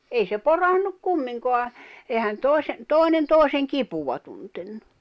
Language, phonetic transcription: Finnish, 'ei se "porannuk 'kummiŋkoa , ehän 'tòi̬se , 'tòi̬nen 'tòi̬seŋ "kipuva tuntennu .
- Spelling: ei se porannut kumminkaan eihän toisen toinen toisen kipua tuntenut

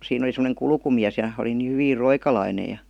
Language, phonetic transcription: Finnish, siin ‿oli sem°neŋ "kulkumiäs ja , oli nii 'hyviir "roikalaine ja .
- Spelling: siinä oli semmoinen kulkumies ja oli niin hyvin roikalainen ja

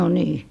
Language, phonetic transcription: Finnish, m̥ , no' nii .
- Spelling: mm no niin

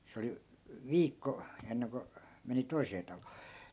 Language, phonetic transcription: Finnish, 'se oli , "viikko , enneŋko , meni 'toisee talOO .
- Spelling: se oli viikko ennen kuin meni toiseen taloon

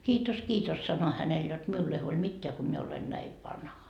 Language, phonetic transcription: Finnish, » 'kiitos 'kiitos sano 'hänel jot miull ‿ei huoĺ 'mitteä ko mie olen näiv "vanha » .
- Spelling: kiitos kiitos sanoin hänelle jotta minulle ei huoli mitään kun minä olen näin vanha

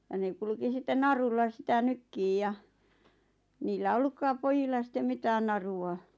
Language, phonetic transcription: Finnish, ja ne 'kulᵘki sit̆ten 'narulla sⁱtä "nykkiij ja , niillä "ollukkaap 'pojilla sⁱt̆tem "mitään naru₍a .
- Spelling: ja ne kulki sitten narulla sitä nykimään ja niillä ollutkaan pojilla sitten mitään narua

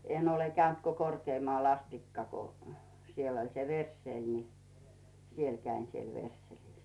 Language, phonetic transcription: Finnish, 'en ‿ole käynt ko "Korkeemᵒàl 'astikka ko , 'siel oĺ se "verssèl ni , 'siel käin siel "versselis .
- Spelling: en ole käynyt kuin Korkeamaalla asti kun siellä oli se versseli niin siellä kävin siellä versselissä

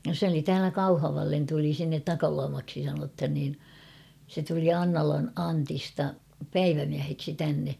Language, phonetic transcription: Finnish, sᵉ ‿oli 'täälä "Kauhavallen tuli sinnet "Takaluamaksi sanothan niin , se tuli 'Aŋnalan 'Antista "päivämiäheksi tänne .
- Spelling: se oli täällä Kauhavalle tuli sinne Takaluomaksi sanotaan niin se tuli Annalan Antista päivämieheksi tänne

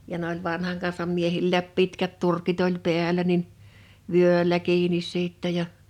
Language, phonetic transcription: Finnish, ja n ‿oĺ 'vanhaŋ kansam 'miehillääp 'pitkät 'turkit ‿oĺ 'peäl̆lä nin , 'vyöĺä 'kiinis 'sittɛ ja ,.
- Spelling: ja ne oli vanhan kansan miehilläkin pitkät turkit oli päällä niin vyöllä kiinni sitten ja

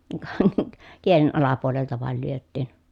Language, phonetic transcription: Finnish, ka , kielen alapuolelta vàel lyöttiin .
- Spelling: ka kielen alapuolelta vain lyötiin

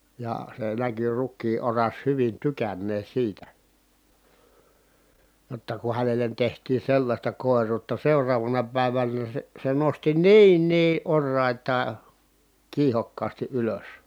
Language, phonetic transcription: Finnish, jà se näky rukkii oras hyvin tykännee siitä , jotta ku hänelen tehtii sellaśta kòer̀uutta seuraavana pä̀ivänä se , se nosti niin nii ʼorrài̮taa , kiihokkaasti ʼylös .
- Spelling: ja se näkyi rukiin oras hyvin tykänneen siitä jotta kun hänelle tehtiin sellaista koiruutta seuraavana päivänä se se nosti niin niin oraitaan kiihokkaasti ylös

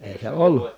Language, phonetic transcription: Finnish, èi se ollu .
- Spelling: ei se ollut

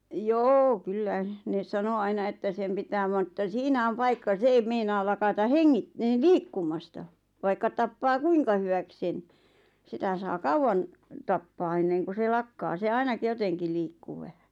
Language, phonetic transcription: Finnish, joo "kyllä , ne 'sano 'aina että sem pitää van ᵉttä 'siinä om 'paikka 'se eim 'meinaal 'lakata "heŋŋit- , "liikkum̆masta , vaikka 'tappaa "kuiŋka hywäk sen , 'sitä saa "kauʷan , 'tappaa enneŋku se 'lakkaa se 'ainak "joteŋki 'liikku 'vähä .
- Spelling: joo kyllä ne sanoi aina että sen pitää vaan että siinä on paikka se ei meinaa lakata - liikkumasta vaikka tappaa kuinka hyväksi sen sitä saa kauan tappaa ennen kuin se lakkaa se ainakin jotenkin liikkuu vähän

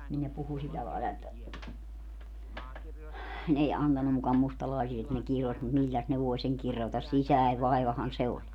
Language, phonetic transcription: Finnish, nin ne 'puhu 'sillä laila että , n ‿ei 'antannu muka 'mustalaisi - et ne 'kiros mut "milläs ne 'voe seŋ 'kirotas - "sisäe 'vaivahan 'se oĺ .
- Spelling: niin ne puhui sillä lailla että ne ei antanut muka - että ne kirosi mutta milläs ne voi sen kirota sisäinen vaivahan se oli

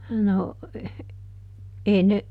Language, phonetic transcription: Finnish, no , ˈʼee ne ,.
- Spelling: no ei ne

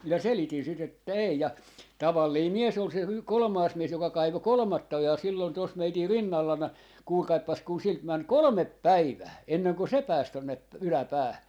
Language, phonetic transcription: Finnish, 'minä "selitin 'sit että 'èi ja , 'tavallii "mies ol se y- , 'kolᵒmaas 'mies joka 'kaivo "kolᵒmatta 'ojaa sillon tos 'meitir "rinnallana , 'kuulkaippas kun 'silt 'män "kolᵒmep "päivää , 'enneŋko "se 'pääs 'tonne ‿p- , "yläpäähä .
- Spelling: minä selitin sitten että ei ja tavallinen mies oli se - kolmas mies joka kaivoi kolmatta ojaa silloin tuossa meidän rinnallamme kuulkaapas kun siltä meni kolme päivää ennen kuin se pääsi tuonne - yläpäähän

